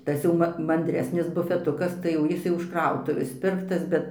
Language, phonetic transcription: Lithuanian, ˈtas jau ma mandˈresnis bufeˈtukas tai jau ˈjis jau iš ˈkrautuvės ˈpirktas ˈbet

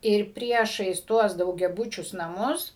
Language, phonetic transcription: Lithuanian, ir ˈpriešais ˈtuos daugiaˈbučius naˈmus

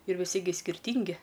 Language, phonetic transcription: Lithuanian, ir viˈsi gi skirˈtyngi

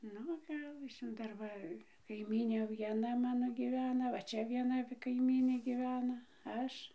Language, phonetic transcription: Lithuanian, ˈnu ˈgalas ˈžin dar ˈva kaiˈmynė vieˈna ˈmano gyˈvena va ˈčia vieˈna va kaiˈmynė gyˈvena ˈaš

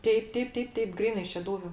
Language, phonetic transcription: Lithuanian, ˈteip ˈteip ˈteip ˈteip ˈgrynai šeˈdūviu

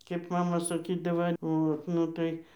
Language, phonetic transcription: Lithuanian, kėp ˈmama saˈkydava ˈot ˈnu tai

